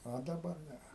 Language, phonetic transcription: Lithuanian, o daˈbar ˈne

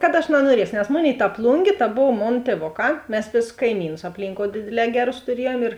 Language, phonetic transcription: Lithuanian, kad aš nanuoˈrieso nes ˈmoˌnėi ta ˈplungė ta ˈbov ˈmon tieˈvoˌkā ˈmes ˈvėsus kaiˈmynus apˈlynkou ˈdėdėˌlē ˈgeˌrus tuˈriejuom ir

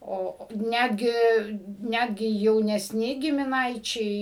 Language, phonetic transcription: Lithuanian, ˈo o ˈnætgi ˈnætgi jaunesˈni gimiˈnaičiai

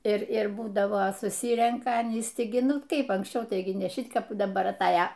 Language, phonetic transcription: Lithuanian, ir ˈir ˈbūdava suˈsyrenka aˈnys ˈti gi ˈnu ˈkaip anksˈčiau ˈtaigi ne ˈšit ˈkap daˈbar atˈaja

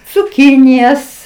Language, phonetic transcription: Lithuanian, cuˈkinijas

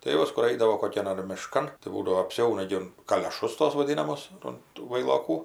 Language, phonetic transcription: Lithuanian, tai ˈjuos kur ˈaidavo koˈkian ar miˈškan tai ˈbūdavo apˈsiauna gi ˈun kalioˈšus tos vaˈdynamos un tų vailoˈkų

